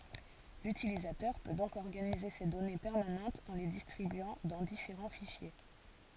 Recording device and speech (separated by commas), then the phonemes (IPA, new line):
forehead accelerometer, read sentence
lytilizatœʁ pø dɔ̃k ɔʁɡanize se dɔne pɛʁmanɑ̃tz ɑ̃ le distʁibyɑ̃ dɑ̃ difeʁɑ̃ fiʃje